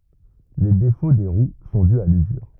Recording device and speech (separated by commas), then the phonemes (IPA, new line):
rigid in-ear microphone, read sentence
le defo de ʁw sɔ̃ dy a lyzyʁ